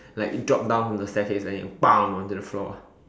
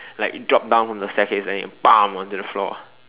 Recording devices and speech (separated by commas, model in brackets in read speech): standing microphone, telephone, conversation in separate rooms